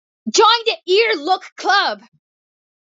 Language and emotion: English, disgusted